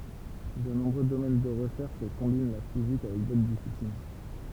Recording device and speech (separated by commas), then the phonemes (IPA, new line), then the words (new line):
temple vibration pickup, read sentence
də nɔ̃bʁø domɛn də ʁəʃɛʁʃ kɔ̃bin la fizik avɛk dotʁ disiplin
De nombreux domaines de recherche combinent la physique avec d'autres disciplines.